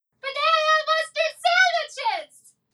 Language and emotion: English, happy